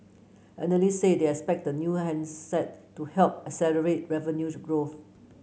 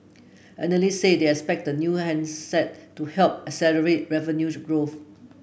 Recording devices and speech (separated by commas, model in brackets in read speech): mobile phone (Samsung C9), boundary microphone (BM630), read sentence